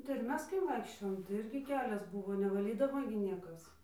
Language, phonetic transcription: Lithuanian, tai ir ˈmes kai ˈvaikščiojom tai ˈirgi ˈkelias ˈbūvo nevaˈlydavo gi ˈniekas

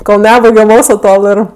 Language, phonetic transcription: Lithuanian, kol ˈnebaigem ˈmokslu ˈtol ir

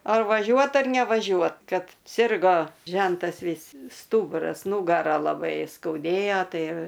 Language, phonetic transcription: Lithuanian, ˈar vaˈžiuot ar nevaˈžiuot ˈkad ˈsirgo ˈžentas ˈvys ˈstūburas ˈnūgara laˈbai skauˈdėjo ˈtai

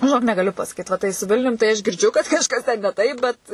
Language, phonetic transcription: Lithuanian, žiˈnok negaˈliu pasaˈkyt va ˈtai su ˈvilnium tai ˈaš girdˈžiu kad kažˈkas ten ne ˈtaip ˈbet

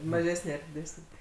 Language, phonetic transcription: Lithuanian, maˈžesnė ar diˈdesnė

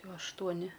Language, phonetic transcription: Lithuanian, ˈjau aštuoˈni

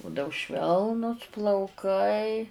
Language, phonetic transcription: Lithuanian, ˈbudau ˈšvelnus plauˈkai

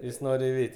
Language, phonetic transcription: Lithuanian, ˈjis ˈnor' iˈveiti

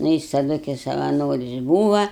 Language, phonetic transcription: Lithuanian, ˈnu jis taˈdu kai savaˈnoris ˈbūva

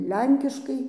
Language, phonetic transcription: Lithuanian, ˈlenkiškai

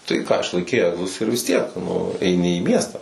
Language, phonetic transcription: Lithuanian, tai ką išlaiˈkei ˈegzus ir vis ˈtiek nu eiˈni į ˈmiestą

